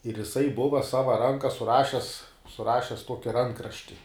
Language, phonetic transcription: Lithuanian, ir jiˈsai ˈbuva ˈsava ˈranka suˈrašes suˈrašes ˈtuoki ˈrankrašti

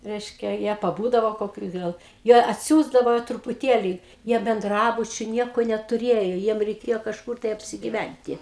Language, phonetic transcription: Lithuanian, ˈreiškia ˈjie paˈbūdavo koˈkiu ˈgal jie atˈsiųsdavo trupuˈtėli ˈjie benˈdrabučiu ˈnieko netuˈrėjo ˈjiem reiˈkėjo kažˈkur tai apsigiˈvænti

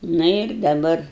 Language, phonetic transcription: Lithuanian, ˈnu ir daˈbar

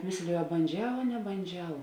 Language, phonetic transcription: Lithuanian, ˈmėslėju a banˈdžiau a nebanˈdžiau

